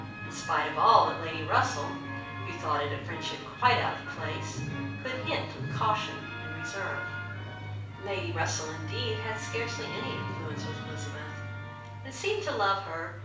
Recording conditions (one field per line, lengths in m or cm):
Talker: one person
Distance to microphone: 5.8 m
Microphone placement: far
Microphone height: 1.8 m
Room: medium-sized (5.7 m by 4.0 m)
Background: television